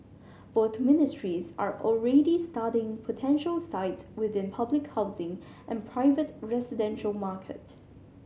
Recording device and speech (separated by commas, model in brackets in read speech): mobile phone (Samsung C7100), read sentence